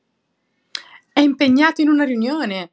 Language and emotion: Italian, happy